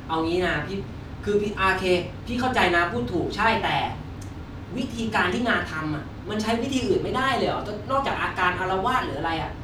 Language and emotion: Thai, frustrated